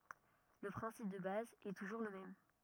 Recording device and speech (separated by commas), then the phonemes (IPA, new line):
rigid in-ear microphone, read sentence
lə pʁɛ̃sip də baz ɛ tuʒuʁ lə mɛm